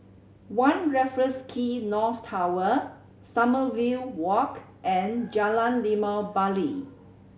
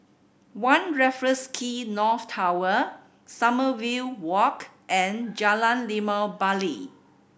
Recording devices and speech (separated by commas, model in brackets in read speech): mobile phone (Samsung C7100), boundary microphone (BM630), read sentence